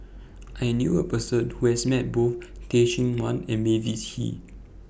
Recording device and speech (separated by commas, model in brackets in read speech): boundary microphone (BM630), read sentence